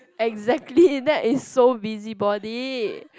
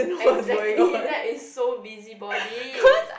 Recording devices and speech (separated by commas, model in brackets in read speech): close-talking microphone, boundary microphone, conversation in the same room